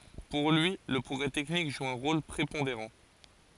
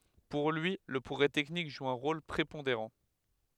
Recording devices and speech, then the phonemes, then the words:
forehead accelerometer, headset microphone, read sentence
puʁ lyi lə pʁɔɡʁɛ tɛknik ʒu œ̃ ʁol pʁepɔ̃deʁɑ̃
Pour lui, le progrès technique joue un rôle prépondérant.

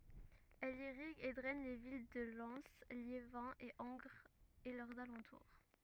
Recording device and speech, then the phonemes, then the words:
rigid in-ear microphone, read sentence
ɛl iʁiɡ e dʁɛn le vil də lɛn ljevɛ̃ e ɑ̃ɡʁz e lœʁz alɑ̃tuʁ
Elle irrigue et draine les villes de Lens, Liévin et Angres et leurs alentours.

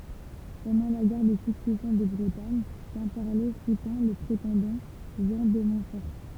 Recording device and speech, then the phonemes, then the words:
temple vibration pickup, read sentence
pɑ̃dɑ̃ la ɡɛʁ də syksɛsjɔ̃ də bʁətaɲ kɛ̃pɛʁle sutɛ̃ lə pʁetɑ̃dɑ̃ ʒɑ̃ də mɔ̃tfɔʁ
Pendant la guerre de Succession de Bretagne, Quimperlé soutint le prétendant Jean de Montfort.

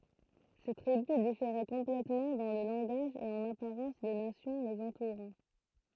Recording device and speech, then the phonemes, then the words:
throat microphone, read sentence
se tʁibys difeʁɛ kɔ̃plɛtmɑ̃ dɑ̃ lə lɑ̃ɡaʒ e ɑ̃n apaʁɑ̃s de nasjɔ̃ lez ɑ̃tuʁɑ̃
Ces tribus différaient complètement dans le langage et en apparence des nations les entourant.

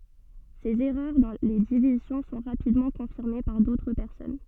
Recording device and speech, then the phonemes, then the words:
soft in-ear microphone, read sentence
sez ɛʁœʁ dɑ̃ le divizjɔ̃ sɔ̃ ʁapidmɑ̃ kɔ̃fiʁme paʁ dotʁ pɛʁsɔn
Ces erreurs dans les divisions sont rapidement confirmées par d'autres personnes.

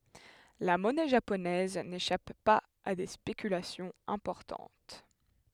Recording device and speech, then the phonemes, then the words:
headset microphone, read sentence
la mɔnɛ ʒaponɛz neʃap paz a de spekylasjɔ̃z ɛ̃pɔʁtɑ̃t
La monnaie japonaise n'échappe pas à des spéculations importantes.

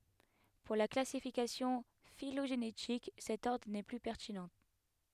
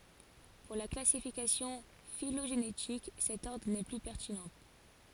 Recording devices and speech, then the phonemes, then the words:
headset microphone, forehead accelerometer, read sentence
puʁ la klasifikasjɔ̃ filoʒenetik sɛt ɔʁdʁ nɛ ply pɛʁtinɑ̃
Pour la classification phylogénétique, cet ordre n'est plus pertinent.

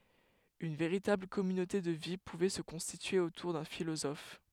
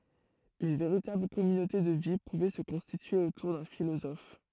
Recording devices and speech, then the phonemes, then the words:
headset microphone, throat microphone, read sentence
yn veʁitabl kɔmynote də vi puvɛ sə kɔ̃stitye otuʁ dœ̃ filozɔf
Une véritable communauté de vie pouvait se constituer autour d'un philosophe.

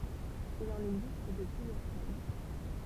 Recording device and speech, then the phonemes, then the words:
temple vibration pickup, read sentence
il ɑ̃n ɛɡzist də plyzjœʁ taj
Il en existe de plusieurs tailles.

